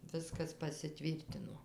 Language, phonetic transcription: Lithuanian, ˈviskas pasiˈtvyrtino

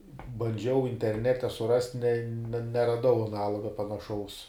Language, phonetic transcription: Lithuanian, banˈdžiau interˈnete suˈrast' ne ne neraˈdau aˈnaloga panaˈšaus

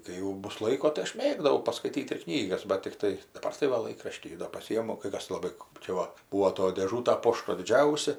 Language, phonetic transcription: Lithuanian, kai jau ˈbus ˈlaiko tai ˈaš ˈmėgdavau paskaiˈtyt ir ˈknygas bat tikˈtai daˈbar tai ˈva ˈlaikraštį do paˈsyjimu kai ˈkas laˈbai kɜp čia ˈva ˈbūo toj dėˈžūta ˈpošto diˈdžiausia

